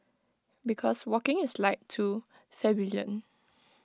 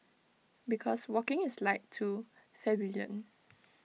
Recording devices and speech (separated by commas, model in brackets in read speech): close-talking microphone (WH20), mobile phone (iPhone 6), read sentence